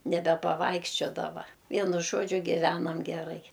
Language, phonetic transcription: Lithuanian, nebepaˈvaikščiodava ˈvienu ˈžodžiu giˈvenam geˈrai

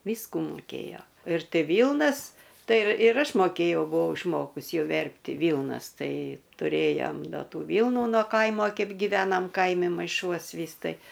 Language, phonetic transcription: Lithuanian, ˈvysku muˈkėjo ir ˈti ˈvylnas ˈtai ir ir ˈaš moˈkėjau buˈvau išˈmokus ˈjau ˈverpti ˈvylnas ˈtai tuˈrėjom ˈda ˈtų ˈvylnu no ˈkaimo ˈkeip giˈvenam ˈkaimi maiˈšuos ˈvys ˈtai

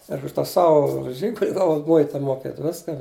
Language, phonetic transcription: Lithuanian, ir už ˈtą ˈsau ˈžygul' ˈgavau ˈmuita moˈkėt ˈviska

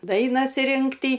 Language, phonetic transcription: Lithuanian, ˈdainas ˈrinkty

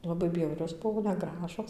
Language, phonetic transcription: Lithuanian, laˈbai ˈbjaurios ˈbuvo neˈgražos

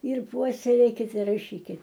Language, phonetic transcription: Lithuanian, ir ˈpuoselėkit raˈšykit

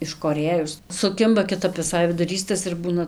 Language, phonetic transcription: Lithuanian, iškoˈrėjus suˈkimba kiˈtap viˈsai viduˈrys tas ir ˈbūna

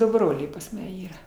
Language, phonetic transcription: Lithuanian, ˈdu ˈbroliai pas ˈma ˈyra

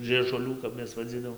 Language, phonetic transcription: Lithuanian, žɨežuˈlių kap ˈmes vaˈdzydavom

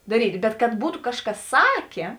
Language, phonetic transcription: Lithuanian, daˈryt' bet kad ˈbūtu ˈkažˌkas ˈsakė

